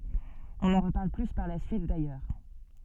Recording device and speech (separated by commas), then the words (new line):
soft in-ear microphone, read sentence
On n'en reparle plus par la suite, d'ailleurs.